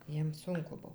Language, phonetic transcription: Lithuanian, ˈjiem ˈsunku ˈbuv

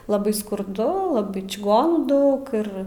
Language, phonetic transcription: Lithuanian, laˈbai skurˈdu laˈbai čiˈgonų ˈdaug ˈir

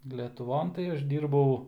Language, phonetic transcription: Lithuanian, letuˈvon tai ˈaš ˈdyrbau

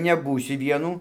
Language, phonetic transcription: Lithuanian, neˈbūsiu ˈvienų

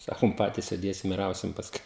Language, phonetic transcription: Lithuanian, ˈsakum ˈpatys sėˈdėsim ir ˈausim pasˈkui

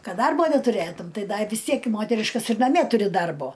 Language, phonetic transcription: Lithuanian, ˈkad ˈdarbo netuˈrėtum ˈtai ˈda i vis ˈtiek i ˈmoteriškas ir naˈmie ˈturi ˈdarbo

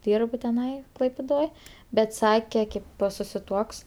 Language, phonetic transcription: Lithuanian, ˈdyrb tiˈnai klaipiˈdoj ˈbet ˈsake ˈkėp po susiˈ tuoks

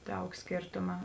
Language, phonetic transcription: Lithuanian, ˈdaug ˈskėrtuma

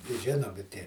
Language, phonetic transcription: Lithuanian, i ˈžinomi ˈtie

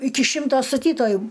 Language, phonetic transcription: Lithuanian, ˈiki ˈšimto staˈtytoju

